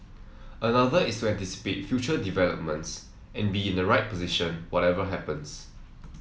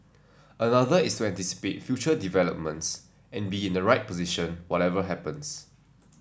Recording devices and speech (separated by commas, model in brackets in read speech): mobile phone (iPhone 7), standing microphone (AKG C214), read sentence